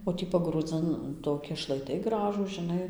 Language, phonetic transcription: Lithuanian, o ˈtį pagrūˈdzɨn ˈtoki šlaiˈtai ˈgražūs žiˈnai

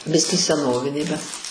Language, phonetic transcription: Lithuanian, ˈbiskį seˈnovinė bet

